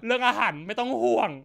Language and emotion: Thai, happy